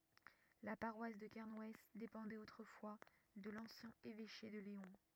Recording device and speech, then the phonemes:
rigid in-ear microphone, read sentence
la paʁwas də kɛʁnw depɑ̃dɛt otʁəfwa də lɑ̃sjɛ̃ evɛʃe də leɔ̃

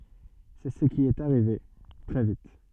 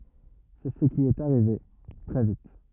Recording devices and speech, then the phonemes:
soft in-ear microphone, rigid in-ear microphone, read sentence
sɛ sə ki ɛt aʁive tʁɛ vit

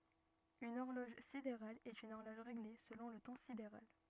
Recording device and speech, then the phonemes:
rigid in-ear microphone, read sentence
yn ɔʁlɔʒ sideʁal ɛt yn ɔʁlɔʒ ʁeɡle səlɔ̃ lə tɑ̃ sideʁal

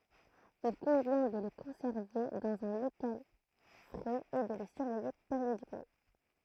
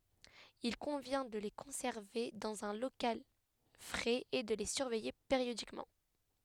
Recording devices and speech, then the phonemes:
throat microphone, headset microphone, read sentence
il kɔ̃vjɛ̃ də le kɔ̃sɛʁve dɑ̃z œ̃ lokal fʁɛz e də le syʁvɛje peʁjodikmɑ̃

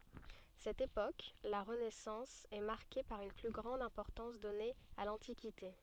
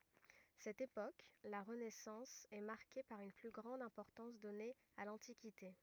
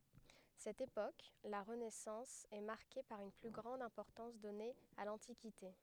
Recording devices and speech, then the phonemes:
soft in-ear microphone, rigid in-ear microphone, headset microphone, read sentence
sɛt epok la ʁənɛsɑ̃s ɛ maʁke paʁ yn ply ɡʁɑ̃d ɛ̃pɔʁtɑ̃s dɔne a lɑ̃tikite

